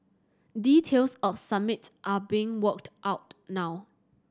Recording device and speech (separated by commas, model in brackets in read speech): standing microphone (AKG C214), read sentence